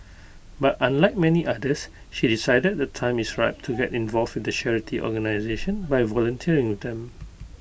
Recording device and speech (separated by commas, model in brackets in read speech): boundary microphone (BM630), read sentence